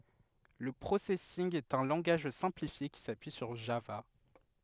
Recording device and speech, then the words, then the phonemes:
headset microphone, read sentence
Le Processing est un langage simplifié qui s'appuie sur Java.
lə pʁosɛsinɡ ɛt œ̃ lɑ̃ɡaʒ sɛ̃plifje ki sapyi syʁ ʒava

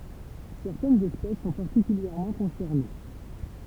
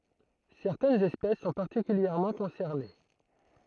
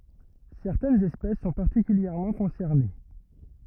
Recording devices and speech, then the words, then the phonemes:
temple vibration pickup, throat microphone, rigid in-ear microphone, read sentence
Certaines espèces sont particulièrement concernées.
sɛʁtɛnz ɛspɛs sɔ̃ paʁtikyljɛʁmɑ̃ kɔ̃sɛʁne

